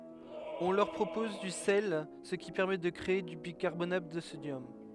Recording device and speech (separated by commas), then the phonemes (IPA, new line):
headset microphone, read sentence
ɔ̃ lœʁ pʁopɔz dy sɛl sə ki pɛʁmɛ də kʁee dy bikaʁbonat də sodjɔm